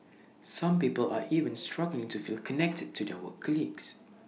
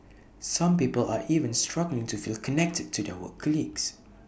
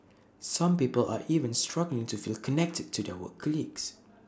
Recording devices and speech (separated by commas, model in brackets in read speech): mobile phone (iPhone 6), boundary microphone (BM630), standing microphone (AKG C214), read sentence